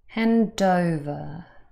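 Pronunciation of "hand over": In 'hand over', the d at the end of 'hand' links onto 'over', so 'over' sounds like 'dover'.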